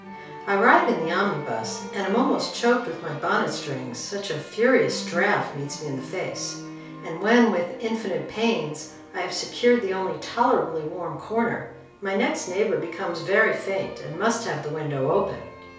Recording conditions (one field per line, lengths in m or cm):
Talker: one person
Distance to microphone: 3.0 m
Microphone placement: far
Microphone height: 1.8 m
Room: small (3.7 m by 2.7 m)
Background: music